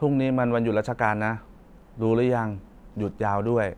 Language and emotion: Thai, neutral